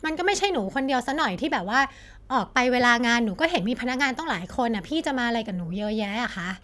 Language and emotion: Thai, frustrated